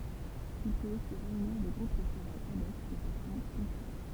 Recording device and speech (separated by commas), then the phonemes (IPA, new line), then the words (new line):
temple vibration pickup, read sentence
il pøt osi ʁeyniʁ de ɡʁup də tʁavaj ad ɔk də fasɔ̃ pɔ̃ktyɛl
Il peut aussi réunir des groupes de travail ad hoc de façon ponctuelle.